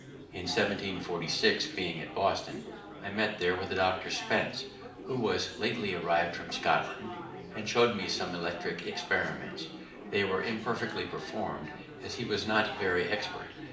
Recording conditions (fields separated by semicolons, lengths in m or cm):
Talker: one person; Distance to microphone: 2.0 m; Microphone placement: close; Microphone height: 99 cm; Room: medium-sized (5.7 m by 4.0 m); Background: babble